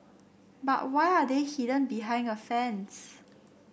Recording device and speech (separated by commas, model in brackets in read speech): boundary microphone (BM630), read sentence